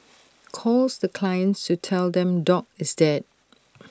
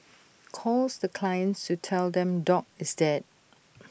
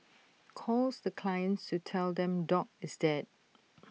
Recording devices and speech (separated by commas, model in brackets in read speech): standing microphone (AKG C214), boundary microphone (BM630), mobile phone (iPhone 6), read sentence